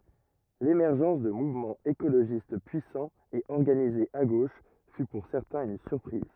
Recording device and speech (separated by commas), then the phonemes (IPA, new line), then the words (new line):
rigid in-ear microphone, read sentence
lemɛʁʒɑ̃s də muvmɑ̃z ekoloʒist pyisɑ̃z e ɔʁɡanizez a ɡoʃ fy puʁ sɛʁtɛ̃z yn syʁpʁiz
L’émergence de mouvements écologistes puissants et organisés à gauche fut pour certains une surprise.